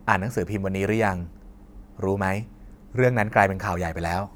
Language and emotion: Thai, neutral